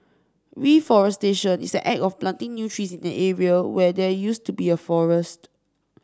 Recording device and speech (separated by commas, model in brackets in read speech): standing microphone (AKG C214), read sentence